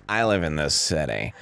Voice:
Gravelly voice